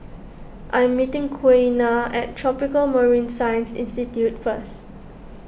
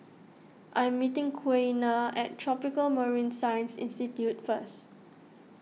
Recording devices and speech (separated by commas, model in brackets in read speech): boundary microphone (BM630), mobile phone (iPhone 6), read sentence